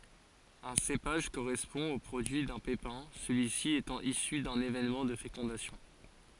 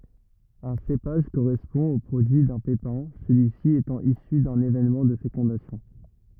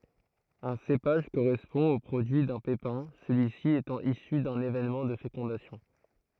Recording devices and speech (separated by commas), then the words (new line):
forehead accelerometer, rigid in-ear microphone, throat microphone, read sentence
Un cépage correspond au produit d'un pépin, celui-ci étant issu d'un événement de fécondation.